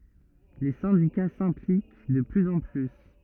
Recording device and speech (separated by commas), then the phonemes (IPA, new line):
rigid in-ear microphone, read sentence
le sɛ̃dika sɛ̃plik də plyz ɑ̃ ply